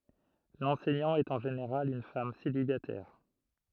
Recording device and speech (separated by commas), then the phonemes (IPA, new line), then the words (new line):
throat microphone, read sentence
lɑ̃sɛɲɑ̃ ɛt ɑ̃ ʒeneʁal yn fam selibatɛʁ
L'enseignant est en général une femme célibataire.